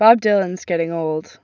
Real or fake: real